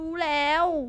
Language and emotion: Thai, frustrated